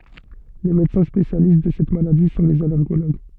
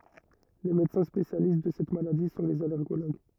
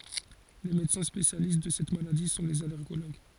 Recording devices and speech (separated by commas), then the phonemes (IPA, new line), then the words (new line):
soft in-ear microphone, rigid in-ear microphone, forehead accelerometer, read sentence
le medəsɛ̃ spesjalist də sɛt maladi sɔ̃ lez alɛʁɡoloɡ
Les médecins spécialistes de cette maladie sont les allergologues.